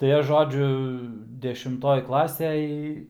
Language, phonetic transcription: Lithuanian, tai ˈaš ˈžodžiu dešimˈtoj ˈklasej

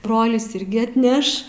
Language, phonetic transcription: Lithuanian, ˈbrolis ˈirgi atˈneš

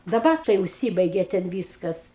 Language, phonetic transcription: Lithuanian, daˈbar tai užˈsybaigė ten ˈvyskas

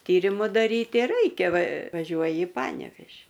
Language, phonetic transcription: Lithuanian, ˈtyrimu daˈryti ˈraikia va vaˈžiuoji i ˈpanevėži

